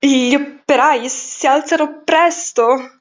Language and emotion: Italian, fearful